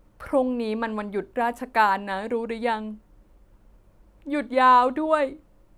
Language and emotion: Thai, sad